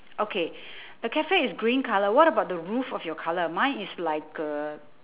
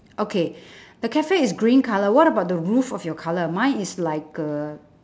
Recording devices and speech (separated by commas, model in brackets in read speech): telephone, standing microphone, conversation in separate rooms